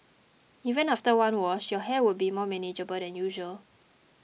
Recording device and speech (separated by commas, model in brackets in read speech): mobile phone (iPhone 6), read sentence